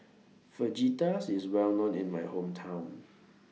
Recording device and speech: mobile phone (iPhone 6), read sentence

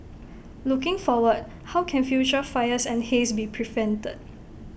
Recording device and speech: boundary microphone (BM630), read sentence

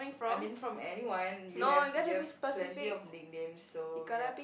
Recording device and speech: boundary microphone, conversation in the same room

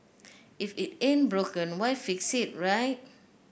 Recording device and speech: boundary microphone (BM630), read sentence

